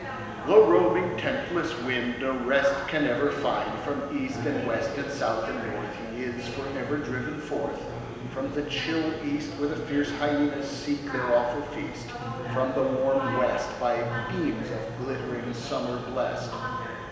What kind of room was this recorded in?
A big, very reverberant room.